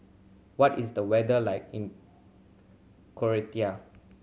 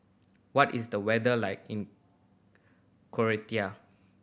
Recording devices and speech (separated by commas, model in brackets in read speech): mobile phone (Samsung C7100), boundary microphone (BM630), read sentence